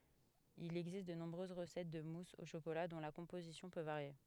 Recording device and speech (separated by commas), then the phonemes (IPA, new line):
headset microphone, read sentence
il ɛɡzist də nɔ̃bʁøz ʁəsɛt də mus o ʃokola dɔ̃ la kɔ̃pozisjɔ̃ pø vaʁje